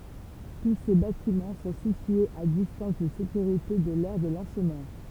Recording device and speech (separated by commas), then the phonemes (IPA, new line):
temple vibration pickup, read sentence
tu se batimɑ̃ sɔ̃ sityez a distɑ̃s də sekyʁite də lɛʁ də lɑ̃smɑ̃